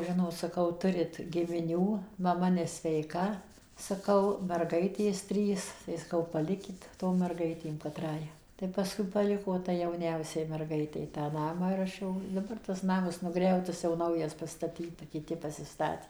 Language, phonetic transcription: Lithuanian, ˈžinot saˈkau ˈturit gimiˈnių maˈma nesveiˈka saˈkau merˈgaitės ˈtrys tai saˈkau paˈlikit tom merˈgaitėm kaˈtrai tai paˈskui paˈliko ˈtai jauˈniausiai merˈgaitei tą ˈnamą ir ˈaš jau daˈbar tas ˈnamas nuˈgriautas jau ˈnaujas pastaˈtyta kiˈti pasiˈstatė

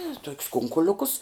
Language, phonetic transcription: Lithuanian, ė tok's ˈkunkuliukus

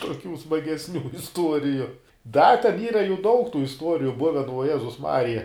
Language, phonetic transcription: Lithuanian, tuoˈkių smagesˈnių isˈtuoriju da ten ˈyra jų daug tų isˈtuoriju ˈbuven vuo ˈjezus ˈmarija

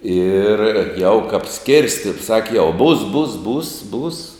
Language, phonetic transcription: Lithuanian, ir jau kap ˈskirsti ˈsaki jau būs būs būs būs

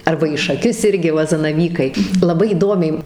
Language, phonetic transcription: Lithuanian, ˈarba į šaˈkius ˈirgi ˈva zanaˈvykai laˈbai įˈdomiai

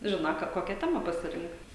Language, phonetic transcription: Lithuanian, ˈžino ˈka ˈkokia ˈtema pasiˈrinkt

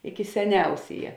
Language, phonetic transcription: Lithuanian, iki seˈniausėja

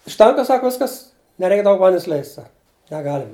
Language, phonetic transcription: Lithuanian, užˈtenka ˈsako ˈviskas neˈreik ˈdaug ˈvandens ˈleist' ˈsak neˈgalim

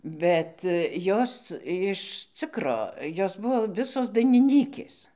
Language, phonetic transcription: Lithuanian, ˈbet ˈjos jiš ˈcikro ˈjos ˈbuvo ˈvisos dainiˈnykės

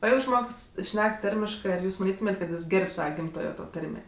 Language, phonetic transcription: Lithuanian, o ˈjeigu ˈžmogs ˈšnek ˈtarmiškɜ ar ˈjūs maˈnytumėt' kad ˈjis ˈgerb' ˈsava ˈgimtojo to ˈtarmė

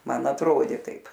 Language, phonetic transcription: Lithuanian, ˈman atˈrodė ˈtaip

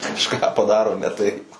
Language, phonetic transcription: Lithuanian, kažˈką paˈdaro ne taip

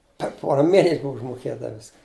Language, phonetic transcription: Lithuanian, per ˈpora ˈmėnes' ˈbuv užmoˈkėta ˈviska

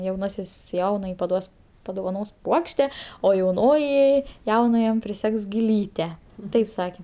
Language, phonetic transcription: Lithuanian, jauˈnasis ˈjaunajai paˈduos padovaˈnos ˈpuokšte o jauˈnoji ˈjaunajam priˈsegs giˈlyte ˈtaip ˈsake

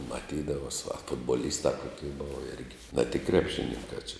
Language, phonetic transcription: Lithuanian, maˈtydavas a futbaˈlysta ˈkokei ˈbova ˈirgi na tik ˈkrepˌšininkā či

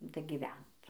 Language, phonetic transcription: Lithuanian, dagyˈvent

